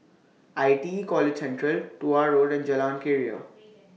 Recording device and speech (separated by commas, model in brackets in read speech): mobile phone (iPhone 6), read sentence